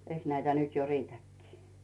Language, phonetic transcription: Finnish, eiks näitä 'nyt jo "riitäkkii .
- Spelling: eikös näitä nyt jo riitäkin

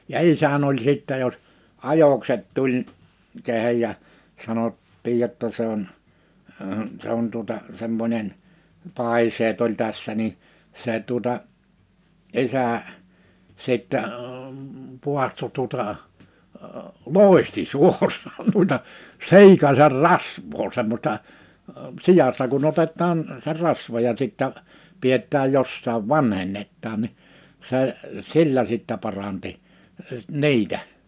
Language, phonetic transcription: Finnish, ja 'isän ‿oĺ sìttɛ jos , 'ajokset 'tuĺ , 'kehej ja , 'sanot̀tiij jotta se ‿on , 'se ‿on tuᵒta , 'semmońen , 'pàiseet ‿oĺ 'tässä ni , 'se tuᵒta , 'is̀ä , 'sìttɛ , 'puahto tuᵒta , "lòihti 'suor̀aan nuita , 'si̬ikaser "rasv̀oo semmośta , 'sijasta kun ‿otet̆taan , se 'rasva ja sittä , 'piet̆tääj 'jossaav 'vanhennettaan ni , se , 'sillä sittä paranti , 'ni̬itä .
- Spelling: ja isäni oli sitten jos ajokset tuli kehen ja sanottiin jotta se on se on tuota semmoinen paiseet oli tässä niin se tuota isä sitten paahtoi tuota loihti suoraan noita siikasen rasvaa semmoista siasta kun otetaan se rasva ja sitten pidetään jossakin vanhennetaan niin se sillä sitten paransi niitä

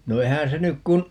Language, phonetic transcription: Finnish, no 'eihää̰ se 'nyk kun ,.
- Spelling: no eihän se nyt kun

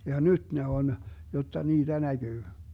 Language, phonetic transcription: Finnish, ja 'nyt ne 'on , 'jotta 'niiDä 'näGyy .
- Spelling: ja nyt ne on jotta niitä näkyy

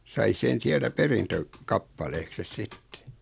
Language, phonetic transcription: Finnish, sai 'sen̬ 'siältä "perintö- , -'kappaleekses 'sitte .
- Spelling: sai sen sieltä - perintökappaleeksensa sitten

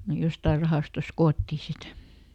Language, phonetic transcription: Finnish, ne "jostair ˈrahàstos "koottì ˈsit .
- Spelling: ne jostakin rahastosta koottiin sitten

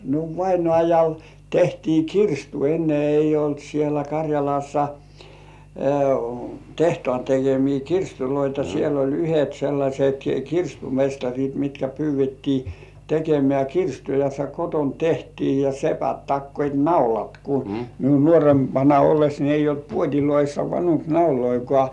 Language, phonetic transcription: Finnish, no 'vainŏàjal tehtii "kirstu enne eij̆j ‿olt sielä Kaŕjalassa , 'tehtŏàn tekemii "kirstuloita siel ‿ol 'yhet sellaśet "kirstumestaŕit mitkä pyyv̆vettii 'tekemĕä̀ "kirstu ja se koton tehtii , ja 'sepät takkoit "naulat ku , miun nuorempana olles ni eij̆j ‿olt "puot́iloissa 'vanuŋk"nauloikŏà .
- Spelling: no vainajalle tehtiin kirstu ennen ei ollut siellä Karjalassa tehtaan tekemiä kirstuja siellä oli yhdet sellaiset kirstumestarit mitkä pyydettiin tekemään kirstua ja se kotona tehtiin ja sepät takoivat naulat kun minun nuorempana ollessa niin ei ollut puodeissa vanunkinauloja

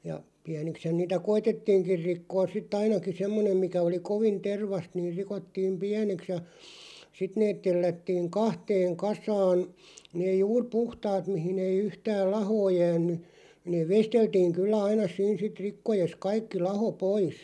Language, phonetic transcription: Finnish, ja , 'piänikshän niitä "koitettiiŋkir 'rikkoos sit"t ‿ainaki 'semmonem mikä oli 'kovin "tervast niir 'rikottiim "piäneks ja , 'sit neet 'tellättiiŋ "kahteeŋ 'kasaan , 'nee 'juur "puhtaat mihin ‿ei 'yhtääl "lahoo 'jään̆ny , nee "vesteltiiŋ 'kyllä 'aina 'siin sit 'rikkojes 'kaikki 'laho "pois .
- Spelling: ja pieniksihän niitä koetettiinkin rikkoa sitten ainakin semmoinen mikä oli kovin tervaista niin rikottiin pieneksi ja sitten ne tellättiin kahteen kasaan ne juuri puhtaat mihin ei yhtään lahoa jäänyt ne veisteltiin kyllä aina siinä sitten rikkoessa kaikki laho pois

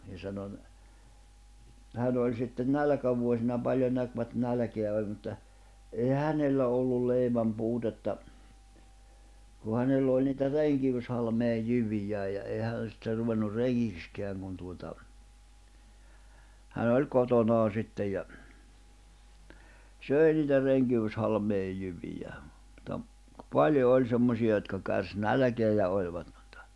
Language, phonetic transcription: Finnish, ja sano ‿n- , 'hän ‿oĺ sitten "nälᵃ̈kävuosina 'paĺjon näkvät 'nälᵃ̈keä oĺ mutta , eihä "hänellä ollul̆ 'leiväm'puutetta , ku 'hänell ‿òĺ niitä "reŋkiwyshalmee ʲ 'jyvijää ja 'ei hä̀n sitter̆ ruvennur "reŋŋikskeäŋ kun tuota , 'hän ‿oĺ "kotonaa 'sittej ja , "sö̀i niitä 'reŋkivyshalmeej jyvijää , ᵐᵘᵗta , "paljo 'oĺ 'semmosi₍a jotka kärs "nälᵃ̈keä ja oĺvat (ᴍᴜttᴀ) .
- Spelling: ja sanoi - hän oli sitten nälkävuosina paljon näkivät nälkää oli mutta eihän hänellä ollut leivänpuutetta kun hänellä oli niitä renkiyshalmeen - jyviä ja ei hän sitten ruvennut rengiksikään kun tuota hän oli kotonaan sitten ja söi niitä renkihalmeen jyviä mutta paljon oli semmoisia jotka kärsi nälkää ja olivat mutta

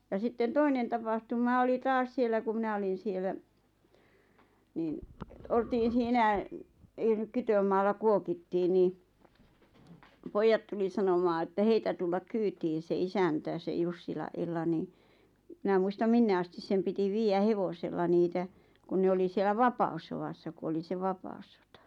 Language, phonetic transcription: Finnish, ja sitten 'toinen tapahtuma oli 'taas siel̆lä ku 'mⁱnä olin sielä , niin , oltiin̬ siinä , (ei) nyk 'kytömaalla 'kuokittii nii , "poijjat tuli sanomaa ᵉttä 'heitä tullak "kyytiin̬ se 'isäntä se 'Jussila’ '’Ella nii , 'mⁱnä muistam 'minne astis sem piti 'viijä "hevosella 'niitä , kun ne 'oli siel̆lä "vapa₍ussowassa ku oli se 'vapa₍ᵘssotᴀ .
- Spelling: ja sitten toinen tapahtuma oli taas siellä kun minä olin siellä niin oltiin siinä ei nyt kytömaalla kuokittiin niin pojat tuli sanomaan että heitä tulla kyytiin se isäntä se Jussilan Ella niin minä muista minne asti sen piti viedä hevosella niitä kun ne oli siellä vapaussodassa kun oli se vapaussota

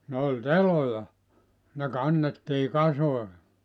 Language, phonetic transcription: Finnish, ne oĺ "teloja , ne 'kannettii 'kasoe .
- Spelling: ne oli teloja ne kannettiin kasoihin

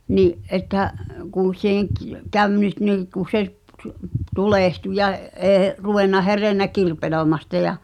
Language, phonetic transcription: Finnish, 'ni’ '’että , kùṵ (seeḛ k-) , 'käv nyt niiḭku se’ (pt- , p-) 'tulèhtu ja’ , '’ee , ruvenna 'herennä "kirpelòi̬masta ja ,.
- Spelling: niin että kun se - kävi nyt niin kuin se - - tulehtui ja ei ruvennut herennyt kirpeloimästä ja

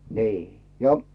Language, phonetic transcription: Finnish, nii , ja .
- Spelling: niin ja

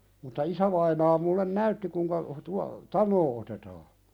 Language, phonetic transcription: Finnish, mutta 'isävainaa mullen "näytti kuiŋka tua- , "taǹoo otetaa .
- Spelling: mutta isävainaa minulle näytti kuinka - tanoa otetaan

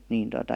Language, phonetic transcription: Finnish, nìn tota ,.
- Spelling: niin tuota

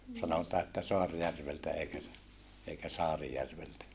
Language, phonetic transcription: Finnish, sanotaa että Soarjärveltä eikä ‿s- , eikä Saarijärveltä .
- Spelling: sanotaan että Soarjärveltä eikä - eikä Saarijärveltä

